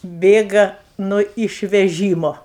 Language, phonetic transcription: Lithuanian, ˈbėga nu išveˈžymo

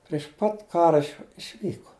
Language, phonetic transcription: Lithuanian, priš ˈpat ˈkara išˈvyko

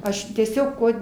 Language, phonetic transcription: Lithuanian, ˈaš tieˈsiog ˈkuo

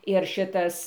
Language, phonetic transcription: Lithuanian, ir ˈšitas

